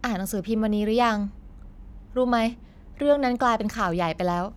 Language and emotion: Thai, frustrated